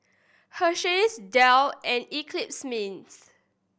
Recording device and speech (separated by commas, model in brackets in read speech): boundary microphone (BM630), read sentence